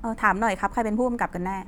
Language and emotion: Thai, frustrated